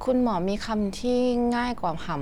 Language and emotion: Thai, neutral